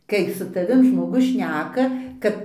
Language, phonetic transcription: Lithuanian, ˈkai su taˈvim žmoˈgus ˈšneka ˈkad

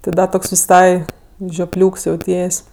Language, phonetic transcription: Lithuanian, ti ˈda ˈtoks viˈsai žioˈpliūks jauˈties'

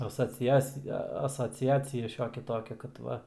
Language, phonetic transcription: Lithuanian, asoˈciacija asoˈciacija ˈšiokia ˈtokia kad ˈva

